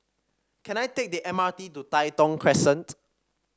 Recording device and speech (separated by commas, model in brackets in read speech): standing microphone (AKG C214), read sentence